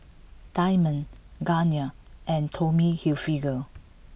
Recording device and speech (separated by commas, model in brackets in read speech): boundary microphone (BM630), read sentence